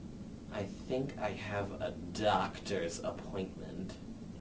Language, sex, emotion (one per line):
English
male
disgusted